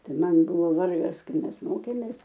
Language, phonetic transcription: Lithuanian, ˈtai ˈman ˈbuvo ˈvargas ˈkai ˈmes ˈmokėmės

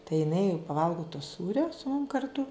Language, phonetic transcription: Lithuanian, tai jiˈnai jau paˈvalgo to ˈsūrio su mum karˈtu

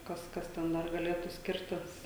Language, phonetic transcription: Lithuanian, ˈkas ˈkas ten ˈdar gaˈlėtų ˈskirtis

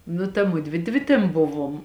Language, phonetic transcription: Lithuanian, nu ta ˈmudvi ˈdvi tėn ˈbuvom

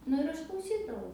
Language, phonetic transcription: Lithuanian, ˈnu ir ˈaš klauˈsydavau

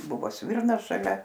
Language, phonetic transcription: Lithuanian, ˈbuvo ˈsvirnas šaˈlia

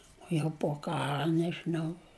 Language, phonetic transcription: Lithuanian, o jau po ˈkara nežiˈnau

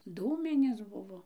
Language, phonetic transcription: Lithuanian, ˈdūminės ˈbuvo

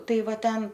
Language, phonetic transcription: Lithuanian, ˈtai ˈva ˈten

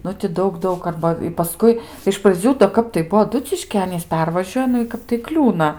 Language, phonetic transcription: Lithuanian, ˈnu ti ˈdaug ˈdaug ˈarba i paˈskui iš praˈdzių do ˈkap tai ˈbuo aˈduciškį ˈanys ˈpervažiuoja ˈnu i ˈkap tai ˈkliūna

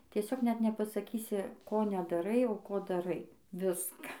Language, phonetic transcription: Lithuanian, tieˈsiog net nepasaˈkysi ˈko nedaˈrai o ˈko daˈrai ˈviska

